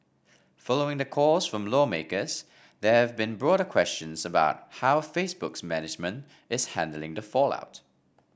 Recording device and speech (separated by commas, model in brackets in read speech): boundary microphone (BM630), read sentence